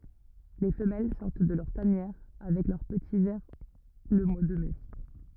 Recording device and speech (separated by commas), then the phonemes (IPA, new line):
rigid in-ear microphone, read sentence
le fəmɛl sɔʁt də lœʁ tanjɛʁ avɛk lœʁ pəti vɛʁ lə mwa də mɛ